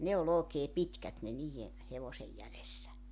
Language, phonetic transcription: Finnish, 'ne ol ‿ookee "pitkät ne 'niij̆e , 'hevosej 'jälessä .
- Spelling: ne oli oikein pitkät ne niiden hevosen jäljessä

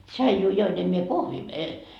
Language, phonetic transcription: Finnish, 'tšaijuu 'join em mie "kohvii e- ,.
- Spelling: tsaijua join en minä kahvia -

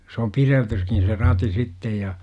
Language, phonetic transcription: Finnish, s ‿om "pireltyskin̬ se "rati 'sittej ja .
- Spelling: se on pidettykin se rati sitten ja

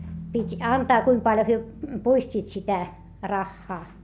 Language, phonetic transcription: Finnish, pit́ , antaa kuim paljo hyö , puist́iit sitä , raχχaa .
- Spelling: piti antaa kuinka paljon he puistivat sitä rahaa

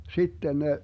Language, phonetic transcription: Finnish, 'sitten ne , .
- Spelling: sitten ne

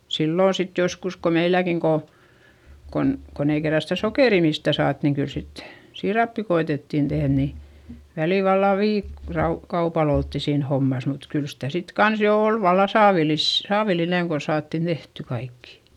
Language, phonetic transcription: Finnish, sillò sit joskus ko meilläkiŋ ko , kon , kon ‿ei kerra sitä sokèri mistä̀ saat niŋ kyl sit , siirappi ko₍etettìn tehδ ni , välìl valla viik- , -rau , -kaupal ‿oltti siin hommas mut kyl sitä sit kans jo òl valla saavilis- , saavilineŋ kon̬ saattin tehty kaikkI .
- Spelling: silloin sitten joskus kun meilläkin kun kun kun ei kerran sitä sokeria mistään saatu niin kyllä sitten siirappia koetettiin tehdä niin välillä vallan - - viikkokaupalla oltiin siinä hommassa mutta kyllä sitä sitten kanssa jo oli vallan - saavillinen kun saatiin tehtyä kaikki

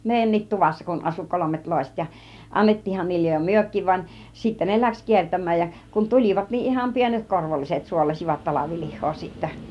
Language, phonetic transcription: Finnish, 'mèijän̆it 'tuvassa kun asu 'kolomet 'lòiset ja , "annettiihhan niillej jo "myök̆kiv van , 'sittä ne "läks 'kiertäm̆määj ja , kun "tul͕ivat niin iham 'pienet 'korvolliset suolasivat 'talavilih̆hoo sittä .
- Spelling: meidänkin tuvassa kun asui kolmet loiset ja annettiinhan niille jo mekin vaan sitten ne lähti kiertämään ja kun tulivat niin ihan pienet korvolliset suolasivat talvilihaa sitten

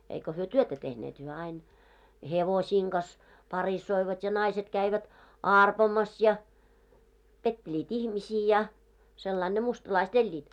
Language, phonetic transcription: Finnish, eiko hyö "työtä 'tehneet hyö ain , "hevosiiŋ ɢas , 'parissoivat ja naiset käivät , "àrpomas ja , petteĺiit 'ihmisii ja , sellain ne 'mustlaist 'eĺĺiit .
- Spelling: eikä he työtä tehneet he aina hevosten kanssa parissoivat ja naiset kävivät arpomassa ja pettelivät ihmisiä ja sillä lailla ne mustalaiset elivät

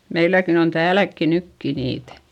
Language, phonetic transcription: Finnish, meiläkin ‿on tääläkki nykki niitÄ .
- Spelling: meilläkin on täälläkin nytkin niitä

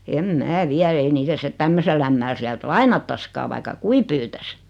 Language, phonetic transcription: Finnish, 'em "mää "viä ei 'niitä sⁱtet "tämmösell ‿ämmäl 'siält "lainattaskaa vaikka "kui pyytäs .
- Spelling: en minä vie ei niitä sitten tämmöiselle ämmälle sieltä lainattaisikaan vaikka kuinka pyytäisi

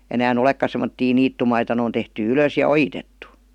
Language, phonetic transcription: Finnish, 'enää"n ‿olekka sem̆mottii 'niittumaita nᵉ on tehty "ylös ja "ojitettu .
- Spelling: enää olekaan semmoisia niittymaita ne on tehty ylös ja ojitettu

